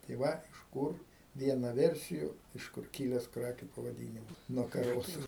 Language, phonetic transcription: Lithuanian, tai ˈva iš ˈkūr ˈviena ˈversiju iš ˈkur ˈkyles ˈkrakiu pavaˈdynimas nuo kaˈrosu

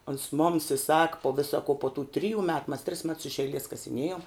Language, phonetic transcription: Lithuanian, ons moms i sak po ˈvisa ko po tų ˈtrijų ˈmet mas tris mets iš eiˈlies kasiˈniejom

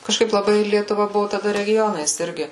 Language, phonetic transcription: Lithuanian, kažˈkaip laˈbai lietuˈva ˈbuvu taˈda reˈgionais ˈirgi

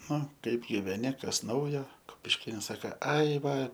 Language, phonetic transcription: Lithuanian, ˈnu ˈkaip giveˈni ˈkas ˈnaujo kupišˈkėnas ˈsaka ˈai ˈva

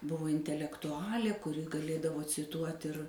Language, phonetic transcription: Lithuanian, ˈbuvo intelektuˈalė kuˈri gaˈlėdavo ciˈtuot' ir

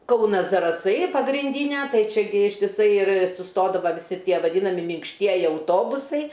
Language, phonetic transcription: Lithuanian, ˈkaunas zaraˈsai pagrinˈdynia ˈtai čiaˈgi ištiˈsai ir suˈstodava viˈsi ˈtie vaˈdynami minkšˈtieji auˈtobusai

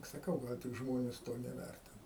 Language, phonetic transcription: Lithuanian, saˈkau ˈgal tik ˈžmones ˈto neˈværtina

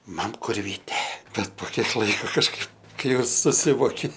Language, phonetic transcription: Lithuanian, ˈmam ˈkur ˈvyte ˈbet po ˈkiek ˈlaiko kažˈkaip ˈkai ˈjau suˈsivoki

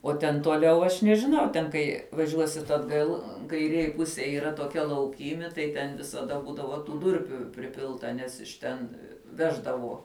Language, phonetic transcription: Lithuanian, uo ten tuoˈliau aš nežiˈnau ˈten kai vaˈžiuosit atˈgal kaiˈrėj ˈpusėj yˈra toˈkia lauˈkymi tai ten visaˈda ˈbūdavo tų ˈdurpių priˈpilta ˈnes iš ˈten ˈveždavo

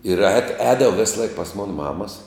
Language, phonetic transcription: Lithuanian, ir ēd ˈēdavo ˈvėsˌlaik pas ˈmona ˈmamas

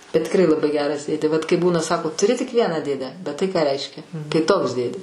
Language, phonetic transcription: Lithuanian, tikˈrai laˈbai ˈgeras ˈdėdė vat kai ˈbūna ˈsako tuˈri tik ˈvieną ˈdėdę bet ˈtai ką ˈreiškia tai ˈtoks ˈdėdė

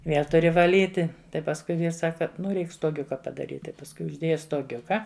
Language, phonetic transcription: Lithuanian, ˈvėl tuˈri vaˈlyti ˈtai pasˈkui ˈvyrs ˈsaka ˈnu ˈreik stoˈgiuka padaˈryt' tai pasˈkui užˈdėja stoˈgiuka

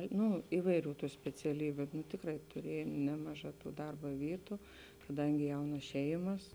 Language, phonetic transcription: Lithuanian, ˈnu ˈįvaiˌrių ˈtų speciaˈlybiu nu ˈtikrai tuˈriejam ˈnemaˌžā ˈtų ˈdarba ˈvytu kaˈdangi ˈjaunas ˈšeimas

